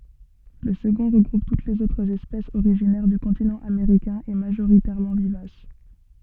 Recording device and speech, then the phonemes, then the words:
soft in-ear microphone, read sentence
lə səɡɔ̃ ʁəɡʁup tut lez otʁz ɛspɛsz oʁiʒinɛʁ dy kɔ̃tinɑ̃ ameʁikɛ̃ e maʒoʁitɛʁmɑ̃ vivas
Le second regroupe toutes les autres espèces originaires du continent américain et majoritairement vivaces.

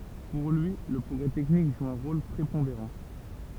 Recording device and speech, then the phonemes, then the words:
temple vibration pickup, read sentence
puʁ lyi lə pʁɔɡʁɛ tɛknik ʒu œ̃ ʁol pʁepɔ̃deʁɑ̃
Pour lui, le progrès technique joue un rôle prépondérant.

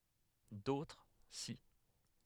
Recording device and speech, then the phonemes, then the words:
headset microphone, read sentence
dotʁ si
D'autres, si.

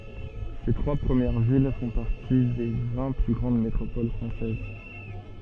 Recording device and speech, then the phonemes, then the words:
soft in-ear microphone, read sentence
se tʁwa pʁəmjɛʁ vil fɔ̃ paʁti de vɛ̃ ply ɡʁɑ̃d metʁopol fʁɑ̃sɛz
Ces trois premières villes font partie des vingt plus grandes métropoles françaises.

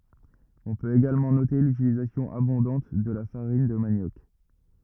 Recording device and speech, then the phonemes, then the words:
rigid in-ear microphone, read sentence
ɔ̃ pøt eɡalmɑ̃ note lytilizasjɔ̃ abɔ̃dɑ̃t də la faʁin də manjɔk
On peut également noter l'utilisation abondante de la farine de manioc.

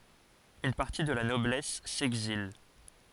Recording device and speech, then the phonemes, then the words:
forehead accelerometer, read sentence
yn paʁti də la nɔblɛs sɛɡzil
Une partie de la noblesse s'exile.

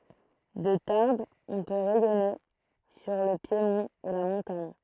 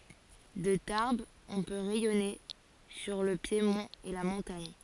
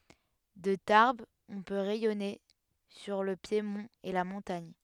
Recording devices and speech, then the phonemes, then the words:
throat microphone, forehead accelerometer, headset microphone, read sentence
də taʁbz ɔ̃ pø ʁɛjɔne syʁ lə pjemɔ̃t e la mɔ̃taɲ
De Tarbes on peut rayonner sur le piémont et la montagne.

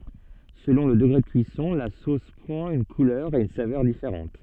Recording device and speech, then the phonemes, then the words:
soft in-ear microphone, read sentence
səlɔ̃ lə dəɡʁe də kyisɔ̃ la sos pʁɑ̃t yn kulœʁ e yn savœʁ difeʁɑ̃t
Selon le degré de cuisson, la sauce prend une couleur et une saveur différente.

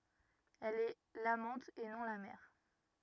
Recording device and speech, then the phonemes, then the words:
rigid in-ear microphone, read sentence
ɛl ɛ lamɑ̃t e nɔ̃ la mɛʁ
Elle est l’amante, et non la mère.

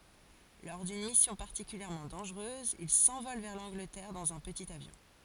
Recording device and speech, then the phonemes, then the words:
forehead accelerometer, read sentence
lɔʁ dyn misjɔ̃ paʁtikyljɛʁmɑ̃ dɑ̃ʒʁøz il sɑ̃vɔl vɛʁ lɑ̃ɡlətɛʁ dɑ̃z œ̃ pətit avjɔ̃
Lors d'une mission particulièrement dangereuse, il s'envole vers l'Angleterre dans un petit avion.

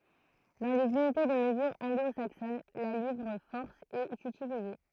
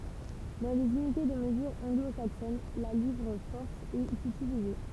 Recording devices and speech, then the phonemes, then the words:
throat microphone, temple vibration pickup, read sentence
dɑ̃ lez ynite də məzyʁ ɑ̃ɡlo saksɔn la livʁ fɔʁs ɛt ytilize
Dans les unités de mesure anglo-saxonnes, la livre-force est utilisée.

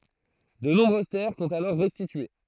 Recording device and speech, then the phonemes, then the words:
throat microphone, read sentence
də nɔ̃bʁøz tɛʁ sɔ̃t alɔʁ ʁɛstitye
De nombreuses terres sont alors restituées.

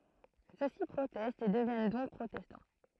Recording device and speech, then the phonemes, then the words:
throat microphone, read sentence
søksi pʁotɛstt e dəvjɛn dɔ̃k pʁotɛstɑ̃
Ceux-ci protestent et deviennent donc protestants.

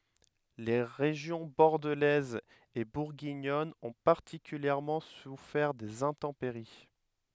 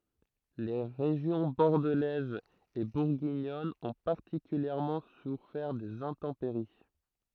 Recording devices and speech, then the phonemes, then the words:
headset microphone, throat microphone, read sentence
le ʁeʒjɔ̃ bɔʁdəlɛz e buʁɡiɲɔn ɔ̃ paʁtikyljɛʁmɑ̃ sufɛʁ dez ɛ̃tɑ̃peʁi
Les régions bordelaise et bourguignonne ont particulièrement souffert des intempéries.

